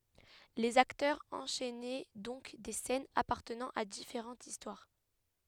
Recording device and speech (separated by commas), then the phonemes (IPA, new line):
headset microphone, read sentence
lez aktœʁz ɑ̃ʃɛnɛ dɔ̃k de sɛnz apaʁtənɑ̃ a difeʁɑ̃tz istwaʁ